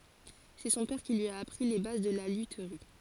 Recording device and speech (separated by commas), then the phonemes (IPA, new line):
forehead accelerometer, read sentence
sɛ sɔ̃ pɛʁ ki lyi a apʁi le baz də la lytʁi